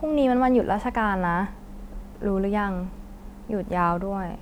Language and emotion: Thai, neutral